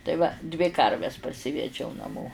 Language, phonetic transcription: Lithuanian, tai ˈva dvi ˈkarves parˈsivedžiau naˈmo

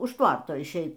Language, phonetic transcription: Lithuanian, už ˈtvarto išˈeit

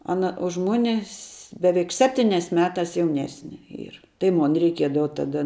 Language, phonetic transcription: Lithuanian, ˈana už ˈmuni s' ˈbeveik ˈseptynias ˈmetas jauˈnesne ˈyr tai ˈmon reiˈkiedava ˈtada

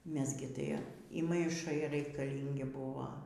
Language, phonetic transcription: Lithuanian, ˈmes gi ˈtai y maiˈšai raikaˈlyngi ˈbūvo

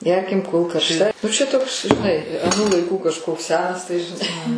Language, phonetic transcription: Lithuanian, ˈgerkim kol karšˈta nu čia toks žiˈnai aˈnų laiˈkų kažˈkoks ˈsenas tai žiˈnai

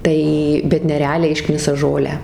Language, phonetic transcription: Lithuanian, ˈtai bet nereˈaliai ˈišknisa ˈžolę

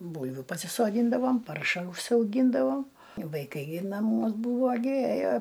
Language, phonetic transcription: Lithuanian, ˈbūlviu pasisoˈdyndavom ˈparša užsiauˈgyndavo vaiˈkai gi naˈmuos ˈbūvo gi ˈėjo

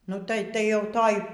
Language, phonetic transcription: Lithuanian, nu ˈtai tai ˈjau toj

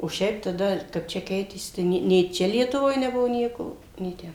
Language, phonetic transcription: Lithuanian, o ˈšiaip taˈda kap ˈčia ˈkeitėsi tai ˈnė nė ˈčia lietuˈvoj neˈbuvo ˈnieko nė ˈten

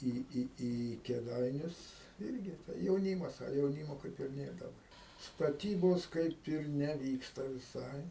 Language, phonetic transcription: Lithuanian, ˈį ˈį į kėˈdainius ˈirgi tai jauˈnymas a jauˈnymo ˈkaip ir ˈnėr daˈba staˈtybos ˈkaip ir neˈvyksta viˈsai

